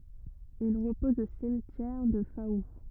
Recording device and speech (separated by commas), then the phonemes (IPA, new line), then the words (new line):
rigid in-ear microphone, read sentence
il ʁəpɔz o simtjɛʁ dy fau
Il repose au cimetière du Faou.